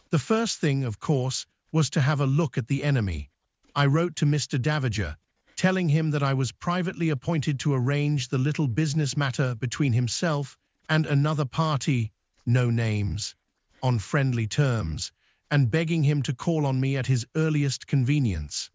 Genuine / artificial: artificial